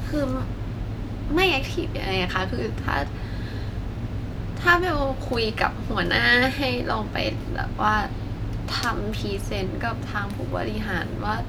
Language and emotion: Thai, frustrated